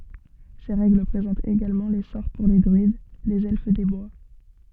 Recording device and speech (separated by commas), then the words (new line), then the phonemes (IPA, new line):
soft in-ear microphone, read sentence
Ces règles présentent également les sorts pour les druides, les Elfes des bois.
se ʁɛɡl pʁezɑ̃tt eɡalmɑ̃ le sɔʁ puʁ le dʁyid lez ɛlf de bwa